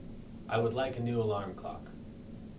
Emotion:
neutral